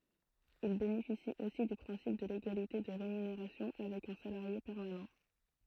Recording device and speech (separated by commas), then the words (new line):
throat microphone, read sentence
Ils bénéficient aussi du principe de l'égalité de rémunération avec un salarié permanent.